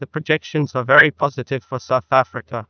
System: TTS, neural waveform model